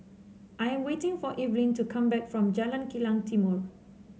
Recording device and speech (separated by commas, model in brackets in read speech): mobile phone (Samsung C7), read sentence